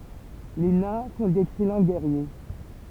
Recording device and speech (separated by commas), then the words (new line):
temple vibration pickup, read sentence
Les Nains font d'excellents Guerriers.